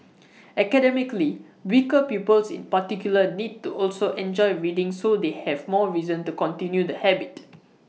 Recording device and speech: mobile phone (iPhone 6), read sentence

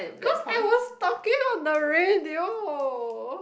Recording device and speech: boundary microphone, conversation in the same room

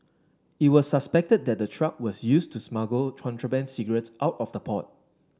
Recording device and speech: standing microphone (AKG C214), read sentence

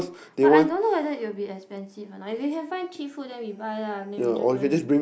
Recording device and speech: boundary microphone, conversation in the same room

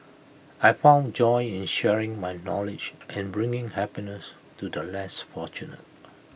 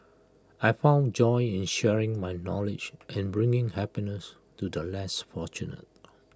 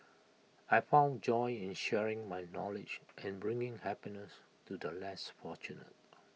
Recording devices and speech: boundary microphone (BM630), close-talking microphone (WH20), mobile phone (iPhone 6), read sentence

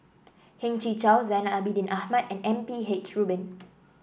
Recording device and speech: boundary microphone (BM630), read sentence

